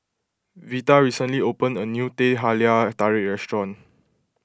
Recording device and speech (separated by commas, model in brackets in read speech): close-talking microphone (WH20), read sentence